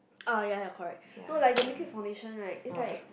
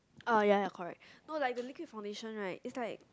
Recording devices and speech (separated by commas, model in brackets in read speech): boundary microphone, close-talking microphone, conversation in the same room